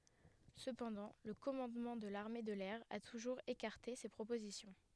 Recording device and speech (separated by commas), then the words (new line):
headset microphone, read sentence
Cependant, le commandement de l'armée de l'air a toujours écarté ces propositions.